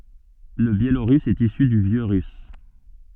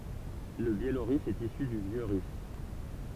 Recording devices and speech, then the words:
soft in-ear microphone, temple vibration pickup, read sentence
Le biélorusse est issu du vieux russe.

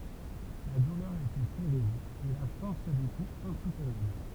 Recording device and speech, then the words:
temple vibration pickup, read sentence
La douleur était terrible, et la force des coups insoutenable.

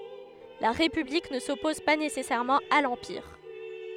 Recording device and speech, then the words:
headset microphone, read sentence
La République ne s'oppose pas nécessairement à l'Empire.

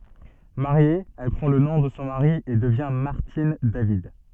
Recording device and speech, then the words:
soft in-ear microphone, read sentence
Mariée, elle prend le nom de son mari et devient Martine David.

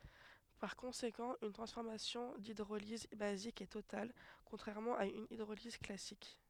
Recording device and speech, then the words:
headset microphone, read sentence
Par conséquent une transformation d'hydrolyse basique est totale contrairement à une hydrolyse classique.

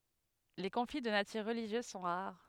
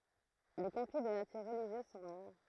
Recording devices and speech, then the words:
headset microphone, throat microphone, read sentence
Les conflits de nature religieuse sont rares.

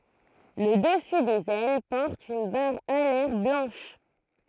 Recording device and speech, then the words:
throat microphone, read sentence
Le dessus des ailes porte une barre alaire blanche.

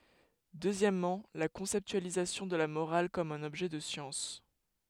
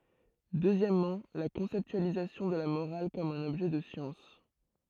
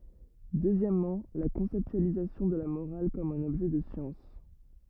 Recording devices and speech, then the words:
headset microphone, throat microphone, rigid in-ear microphone, read sentence
Deuxièmement, la conceptualisation de la morale comme un objet de science.

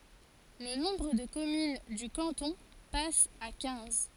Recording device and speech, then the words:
forehead accelerometer, read sentence
Le nombre de communes du canton passe à quinze.

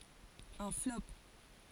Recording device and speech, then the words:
forehead accelerometer, read sentence
Un flop.

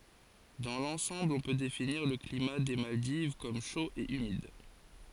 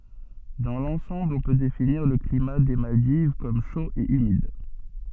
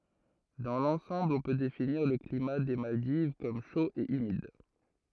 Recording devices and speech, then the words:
forehead accelerometer, soft in-ear microphone, throat microphone, read sentence
Dans l'ensemble on peut définir le climat des Maldives comme chaud et humide.

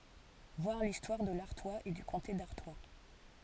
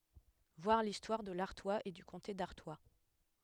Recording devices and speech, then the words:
forehead accelerometer, headset microphone, read sentence
Voir l'histoire de l'Artois et du comté d'Artois.

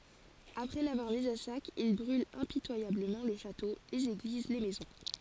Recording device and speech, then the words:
forehead accelerometer, read sentence
Après l'avoir mise à sac, ils brûlent impitoyablement le château, les églises, les maisons.

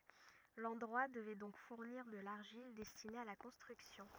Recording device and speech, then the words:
rigid in-ear microphone, read sentence
L'endroit devait donc fournir de l'argile destiné à la construction.

